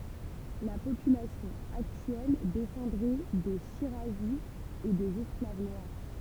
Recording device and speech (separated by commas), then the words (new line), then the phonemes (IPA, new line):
temple vibration pickup, read sentence
La population actuelle descendrait des shirazis et des esclaves noirs.
la popylasjɔ̃ aktyɛl dɛsɑ̃dʁɛ de ʃiʁazi e dez ɛsklav nwaʁ